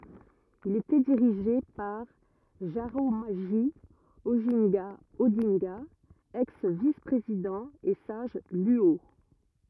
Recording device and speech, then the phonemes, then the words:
rigid in-ear microphone, read sentence
il etɛ diʁiʒe paʁ ʒaʁamoʒi oʒɛ̃ɡa odɛ̃ɡa ɛks vis pʁezidɑ̃ e saʒ lyo
Il était dirigé par Jaramogi Oginga Odinga, ex vice-président et sage Luo.

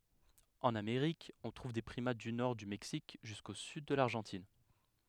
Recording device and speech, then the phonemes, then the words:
headset microphone, read sentence
ɑ̃n ameʁik ɔ̃ tʁuv de pʁimat dy nɔʁ dy mɛksik ʒysko syd də laʁʒɑ̃tin
En Amérique, on trouve des primates du nord du Mexique jusqu'au sud de l'Argentine.

